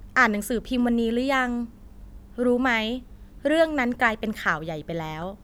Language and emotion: Thai, neutral